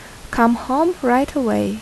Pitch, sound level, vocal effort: 250 Hz, 78 dB SPL, normal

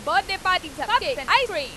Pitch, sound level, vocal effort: 385 Hz, 102 dB SPL, very loud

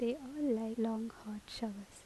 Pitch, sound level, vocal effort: 225 Hz, 76 dB SPL, soft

